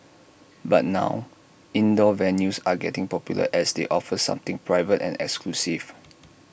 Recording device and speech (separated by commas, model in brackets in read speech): boundary microphone (BM630), read sentence